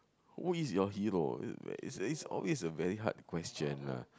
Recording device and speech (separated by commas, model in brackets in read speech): close-talking microphone, conversation in the same room